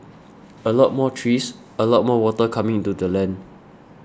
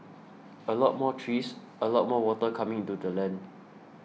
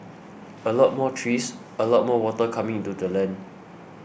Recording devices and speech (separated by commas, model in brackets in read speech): standing microphone (AKG C214), mobile phone (iPhone 6), boundary microphone (BM630), read sentence